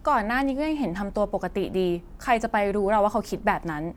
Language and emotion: Thai, neutral